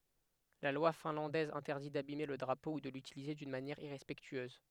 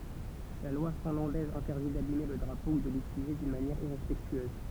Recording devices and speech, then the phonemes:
headset microphone, temple vibration pickup, read sentence
la lwa fɛ̃lɑ̃dɛz ɛ̃tɛʁdi dabime lə dʁapo u də lytilize dyn manjɛʁ iʁɛspɛktyøz

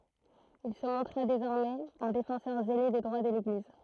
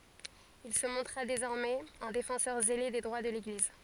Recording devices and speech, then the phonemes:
throat microphone, forehead accelerometer, read sentence
il sə mɔ̃tʁa dezɔʁmɛz œ̃ defɑ̃sœʁ zele de dʁwa də leɡliz

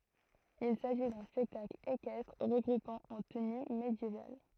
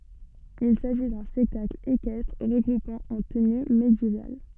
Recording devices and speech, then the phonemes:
throat microphone, soft in-ear microphone, read sentence
il saʒi dœ̃ spɛktakl ekɛstʁ ʁəɡʁupɑ̃ ɑ̃ təny medjeval

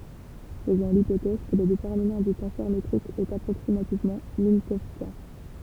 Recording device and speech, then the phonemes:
temple vibration pickup, read sentence
fəzɔ̃ lipotɛz kə lə detɛʁminɑ̃ dy tɑ̃sœʁ metʁik ɛt apʁoksimativmɑ̃ mɛ̃kɔwskjɛ̃

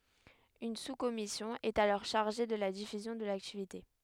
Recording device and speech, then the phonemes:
headset microphone, read sentence
yn suskɔmisjɔ̃ ɛt alɔʁ ʃaʁʒe də la difyzjɔ̃ də laktivite

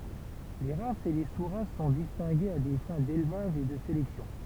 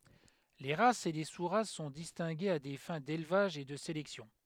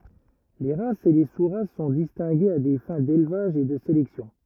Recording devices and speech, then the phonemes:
temple vibration pickup, headset microphone, rigid in-ear microphone, read sentence
le ʁasz e le su ʁas sɔ̃ distɛ̃ɡez a de fɛ̃ delvaʒ e də selɛksjɔ̃

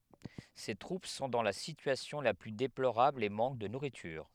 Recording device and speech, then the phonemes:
headset microphone, read sentence
se tʁup sɔ̃ dɑ̃ la sityasjɔ̃ la ply deploʁabl e mɑ̃k də nuʁityʁ

